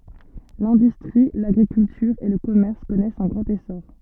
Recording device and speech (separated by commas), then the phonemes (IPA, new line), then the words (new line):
soft in-ear microphone, read sentence
lɛ̃dystʁi laɡʁikyltyʁ e lə kɔmɛʁs kɔnɛst œ̃ ɡʁɑ̃t esɔʁ
L'industrie, l'agriculture et le commerce connaissent un grand essor.